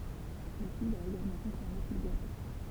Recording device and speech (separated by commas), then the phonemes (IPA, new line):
temple vibration pickup, read sentence
letyd a eɡalmɑ̃ kɔ̃fiʁme kil bwatɛ